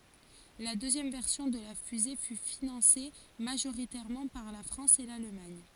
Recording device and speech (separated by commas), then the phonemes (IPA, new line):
forehead accelerometer, read sentence
la døzjɛm vɛʁsjɔ̃ də la fyze fy finɑ̃se maʒoʁitɛʁmɑ̃ paʁ la fʁɑ̃s e lalmaɲ